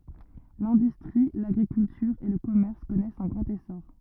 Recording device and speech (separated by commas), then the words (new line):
rigid in-ear microphone, read sentence
L'industrie, l'agriculture et le commerce connaissent un grand essor.